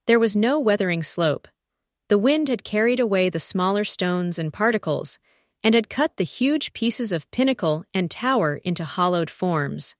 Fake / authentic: fake